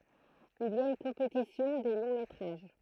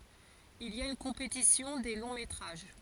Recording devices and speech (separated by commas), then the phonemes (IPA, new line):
throat microphone, forehead accelerometer, read sentence
il i a yn kɔ̃petisjɔ̃ de lɔ̃ metʁaʒ